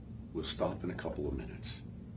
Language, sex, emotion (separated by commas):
English, male, neutral